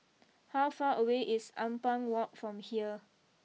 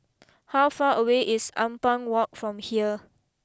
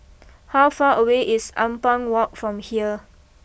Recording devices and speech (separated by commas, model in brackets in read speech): mobile phone (iPhone 6), close-talking microphone (WH20), boundary microphone (BM630), read sentence